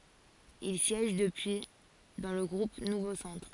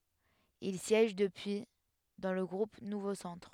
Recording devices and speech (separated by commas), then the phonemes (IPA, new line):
forehead accelerometer, headset microphone, read sentence
il sjɛʒ dəpyi dɑ̃ lə ɡʁup nuvo sɑ̃tʁ